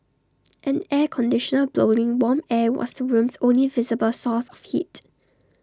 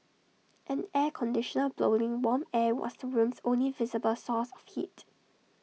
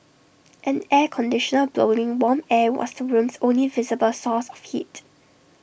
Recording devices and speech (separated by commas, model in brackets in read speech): standing microphone (AKG C214), mobile phone (iPhone 6), boundary microphone (BM630), read sentence